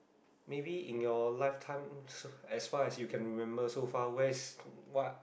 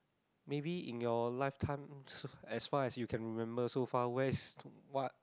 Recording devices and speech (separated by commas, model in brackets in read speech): boundary microphone, close-talking microphone, conversation in the same room